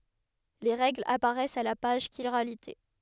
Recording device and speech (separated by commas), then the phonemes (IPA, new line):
headset microphone, read sentence
le ʁɛɡlz apaʁɛst a la paʒ ʃiʁalite